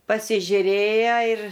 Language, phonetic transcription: Lithuanian, pasižiuˈrėja ir

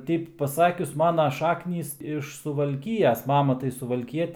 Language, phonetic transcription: Lithuanian, ˈteip paˈsakius ˈmana ˈšaknys iš suvalˈkijas ˈmama tai suvalˈkiet

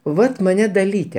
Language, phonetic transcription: Lithuanian, ˈvat maˈne daˈlyte

